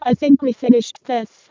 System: VC, vocoder